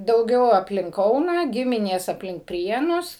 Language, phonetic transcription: Lithuanian, dauˈgiau apˈlink ˈkauną ˈgiminės apˈlink ˈprienus

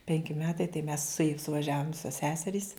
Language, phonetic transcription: Lithuanian, ˈpenki ˈmetai tai mes suˈėj suvaˈžiavum ˈvisos ˈseserys

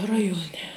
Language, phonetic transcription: Lithuanian, ˈrajuoˌne

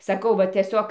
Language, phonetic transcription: Lithuanian, saˈkau va tieˈsiog

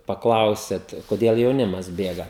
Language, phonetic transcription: Lithuanian, paˈklausėt koˈdėl jauˈnimas ˈbėga

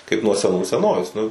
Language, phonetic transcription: Lithuanian, kaip nuo seˈnų seˈnovės nu

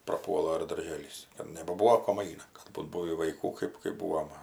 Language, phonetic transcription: Lithuanian, praˈpuola ir darˈžėlys ir nebaˈbūvo kom ˈaina ˈkad būt ˈbūvį vaiˈkų ˈkɜp kɜp ˈbūvo ma

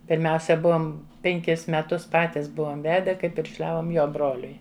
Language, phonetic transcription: Lithuanian, pirˈmiausia ˈbuom penˈkis meˈtus ˈpatis ˈbuom ˈvede kai piršˈliavom ˈjo ˈbroliui

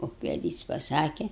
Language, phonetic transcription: Lithuanian, ukveˈdys paˈsake

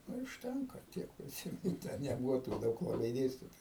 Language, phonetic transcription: Lithuanian, nu i užˈtenka ˈtiek priˈsymenu te neˈbuvo tų ˈdaug laˈbai ˈdėstitoju

